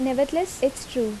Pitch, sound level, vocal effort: 265 Hz, 80 dB SPL, normal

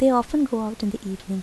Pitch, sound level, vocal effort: 220 Hz, 78 dB SPL, soft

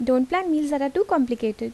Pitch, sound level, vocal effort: 280 Hz, 80 dB SPL, normal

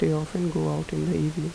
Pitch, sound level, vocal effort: 155 Hz, 79 dB SPL, soft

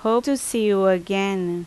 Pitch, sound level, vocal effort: 195 Hz, 85 dB SPL, loud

